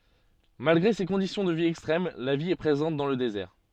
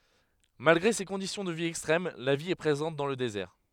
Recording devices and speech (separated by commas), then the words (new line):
soft in-ear microphone, headset microphone, read sentence
Malgré ces conditions de vie extrêmes, la vie est présente dans le désert.